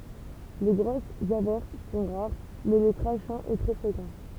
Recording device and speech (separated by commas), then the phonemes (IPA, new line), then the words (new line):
temple vibration pickup, read sentence
le ɡʁosz avɛʁs sɔ̃ ʁaʁ mɛ lə kʁaʃɛ̃ ɛ tʁɛ fʁekɑ̃
Les grosses averses sont rares, mais le crachin est très fréquent.